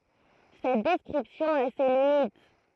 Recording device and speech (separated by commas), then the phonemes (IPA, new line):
throat microphone, read sentence
sɛt dɛskʁipsjɔ̃ a se limit